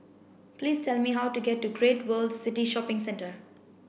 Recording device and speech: boundary microphone (BM630), read sentence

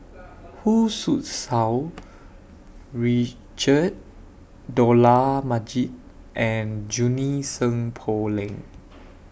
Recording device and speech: boundary microphone (BM630), read sentence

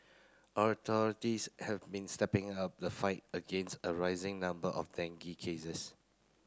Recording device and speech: close-talking microphone (WH30), read sentence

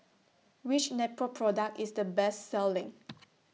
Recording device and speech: mobile phone (iPhone 6), read sentence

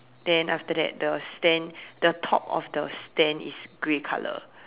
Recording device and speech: telephone, conversation in separate rooms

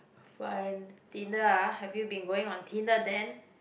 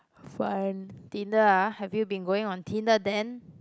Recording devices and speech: boundary microphone, close-talking microphone, conversation in the same room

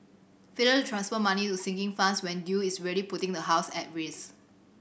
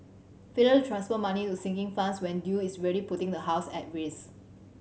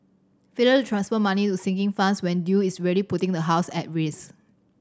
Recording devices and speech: boundary microphone (BM630), mobile phone (Samsung C7100), standing microphone (AKG C214), read sentence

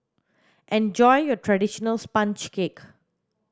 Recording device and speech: standing microphone (AKG C214), read sentence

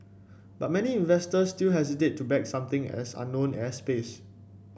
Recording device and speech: boundary microphone (BM630), read sentence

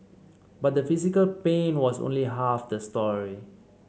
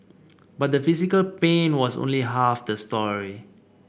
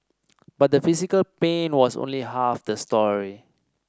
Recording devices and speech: mobile phone (Samsung C7), boundary microphone (BM630), standing microphone (AKG C214), read sentence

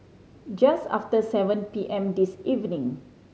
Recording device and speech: mobile phone (Samsung C5010), read sentence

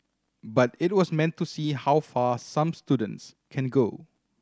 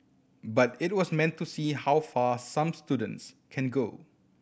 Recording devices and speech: standing microphone (AKG C214), boundary microphone (BM630), read sentence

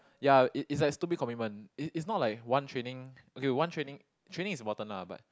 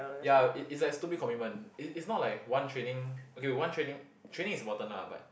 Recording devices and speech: close-talking microphone, boundary microphone, conversation in the same room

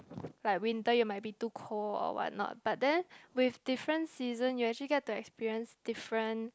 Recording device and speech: close-talking microphone, conversation in the same room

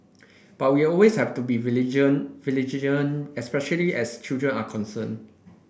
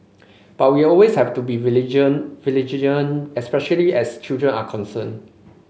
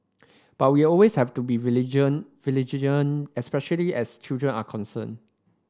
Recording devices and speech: boundary microphone (BM630), mobile phone (Samsung C5), standing microphone (AKG C214), read sentence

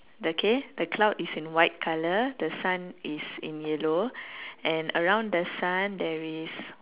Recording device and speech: telephone, conversation in separate rooms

